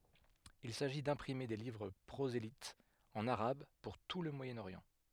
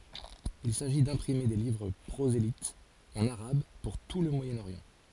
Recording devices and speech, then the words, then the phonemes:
headset microphone, forehead accelerometer, read sentence
Il s'agit d'imprimer des livres prosélytes en arabe pour tout le Moyen-Orient.
il saʒi dɛ̃pʁime de livʁ pʁozelitz ɑ̃n aʁab puʁ tu lə mwajənoʁjɑ̃

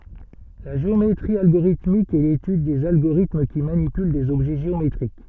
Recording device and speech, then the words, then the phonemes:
soft in-ear microphone, read sentence
La géométrie algorithmique est l'étude des agorithmes qui manipulent des objets géométriques.
la ʒeometʁi alɡoʁitmik ɛ letyd dez aɡoʁitm ki manipyl dez ɔbʒɛ ʒeometʁik

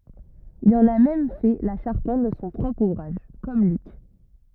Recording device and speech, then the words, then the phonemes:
rigid in-ear microphone, read sentence
Il en a même fait la charpente de son propre ouvrage, comme Luc.
il ɑ̃n a mɛm fɛ la ʃaʁpɑ̃t də sɔ̃ pʁɔpʁ uvʁaʒ kɔm lyk

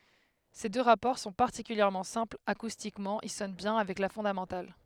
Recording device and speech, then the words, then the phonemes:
headset microphone, read sentence
Ces deux rapports sont particulièrement simples, acoustiquement ils sonnent bien avec la fondamentale.
se dø ʁapɔʁ sɔ̃ paʁtikyljɛʁmɑ̃ sɛ̃plz akustikmɑ̃ il sɔn bjɛ̃ avɛk la fɔ̃damɑ̃tal

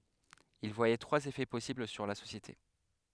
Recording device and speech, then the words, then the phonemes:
headset microphone, read sentence
Il voyait trois effets possibles sur la société.
il vwajɛ tʁwaz efɛ pɔsibl syʁ la sosjete

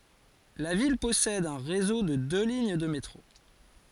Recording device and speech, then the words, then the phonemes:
forehead accelerometer, read sentence
La ville possède un réseau de deux lignes de métro.
la vil pɔsɛd œ̃ ʁezo də dø liɲ də metʁo

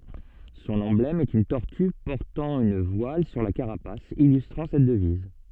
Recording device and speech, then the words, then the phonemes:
soft in-ear microphone, read sentence
Son emblème est une tortue portant une voile sur la carapace, illustrant cette devise.
sɔ̃n ɑ̃blɛm ɛt yn tɔʁty pɔʁtɑ̃ yn vwal syʁ la kaʁapas ilystʁɑ̃ sɛt dəviz

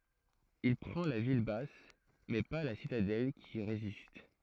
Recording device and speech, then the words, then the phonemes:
throat microphone, read sentence
Il prend la ville basse, mais pas la citadelle qui résiste.
il pʁɑ̃ la vil bas mɛ pa la sitadɛl ki ʁezist

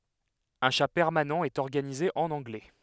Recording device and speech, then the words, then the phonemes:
headset microphone, read sentence
Un chat permanent est organisé en anglais.
œ̃ ʃa pɛʁmanɑ̃ ɛt ɔʁɡanize ɑ̃n ɑ̃ɡlɛ

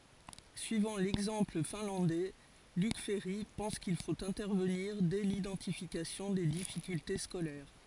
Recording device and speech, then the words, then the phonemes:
forehead accelerometer, read sentence
Suivant l'exemple finlandais, Luc Ferry pense qu’il faut intervenir dès l'identification des difficultés scolaires.
syivɑ̃ lɛɡzɑ̃pl fɛ̃lɑ̃dɛ lyk fɛʁi pɑ̃s kil fot ɛ̃tɛʁvəniʁ dɛ lidɑ̃tifikasjɔ̃ de difikylte skolɛʁ

